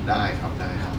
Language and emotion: Thai, neutral